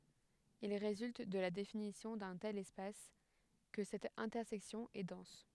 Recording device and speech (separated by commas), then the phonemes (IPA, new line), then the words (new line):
headset microphone, read sentence
il ʁezylt də la definisjɔ̃ dœ̃ tɛl ɛspas kə sɛt ɛ̃tɛʁsɛksjɔ̃ ɛ dɑ̃s
Il résulte de la définition d'un tel espace que cette intersection est dense.